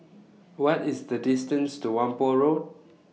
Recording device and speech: mobile phone (iPhone 6), read sentence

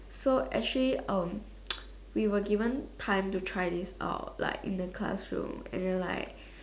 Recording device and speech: standing microphone, conversation in separate rooms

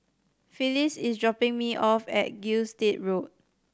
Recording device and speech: standing microphone (AKG C214), read sentence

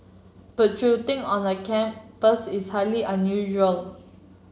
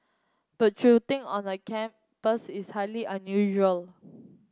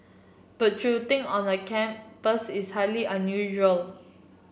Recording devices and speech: mobile phone (Samsung C7), close-talking microphone (WH30), boundary microphone (BM630), read sentence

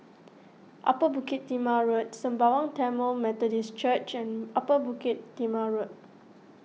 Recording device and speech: mobile phone (iPhone 6), read sentence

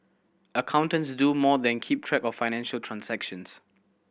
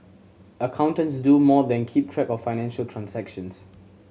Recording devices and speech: boundary microphone (BM630), mobile phone (Samsung C7100), read sentence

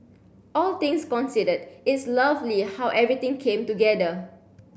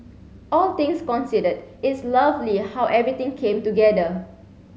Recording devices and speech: boundary microphone (BM630), mobile phone (Samsung C7), read sentence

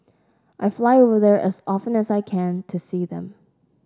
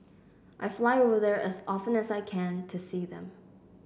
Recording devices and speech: standing microphone (AKG C214), boundary microphone (BM630), read sentence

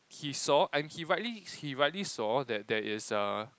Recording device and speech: close-talking microphone, conversation in the same room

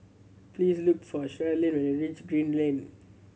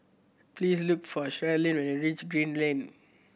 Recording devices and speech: mobile phone (Samsung C7100), boundary microphone (BM630), read sentence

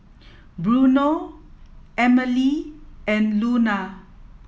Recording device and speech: mobile phone (iPhone 7), read sentence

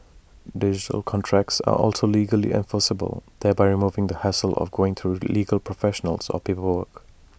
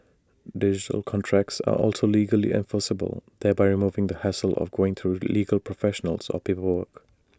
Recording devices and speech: boundary microphone (BM630), standing microphone (AKG C214), read sentence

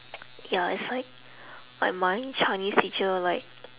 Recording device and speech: telephone, conversation in separate rooms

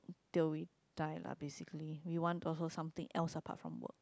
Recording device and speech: close-talking microphone, conversation in the same room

